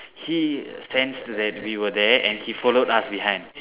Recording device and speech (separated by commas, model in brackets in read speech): telephone, conversation in separate rooms